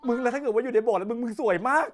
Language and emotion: Thai, happy